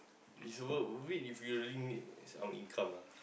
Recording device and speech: boundary microphone, conversation in the same room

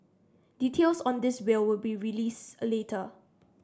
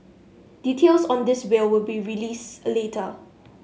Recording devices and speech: standing microphone (AKG C214), mobile phone (Samsung S8), read sentence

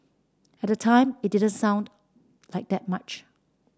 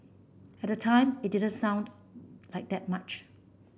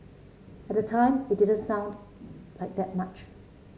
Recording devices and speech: standing microphone (AKG C214), boundary microphone (BM630), mobile phone (Samsung C7), read sentence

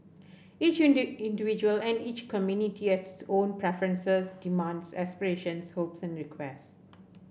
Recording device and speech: boundary microphone (BM630), read sentence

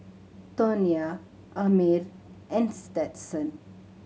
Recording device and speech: mobile phone (Samsung C7100), read sentence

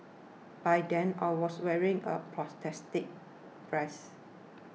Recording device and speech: mobile phone (iPhone 6), read sentence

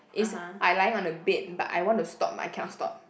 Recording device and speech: boundary microphone, conversation in the same room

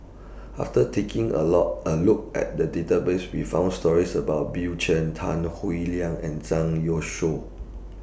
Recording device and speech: boundary microphone (BM630), read sentence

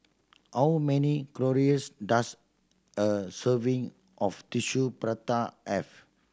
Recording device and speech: standing microphone (AKG C214), read sentence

